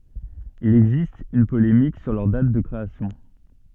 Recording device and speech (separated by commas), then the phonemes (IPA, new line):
soft in-ear microphone, read sentence
il ɛɡzist yn polemik syʁ lœʁ dat də kʁeasjɔ̃